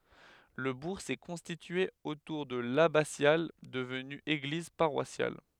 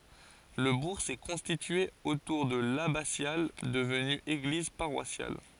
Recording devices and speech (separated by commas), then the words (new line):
headset microphone, forehead accelerometer, read sentence
Le bourg s'est constitué autour de l'abbatiale devenue église paroissiale.